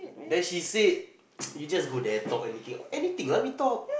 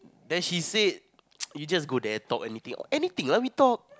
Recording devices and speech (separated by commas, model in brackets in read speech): boundary microphone, close-talking microphone, conversation in the same room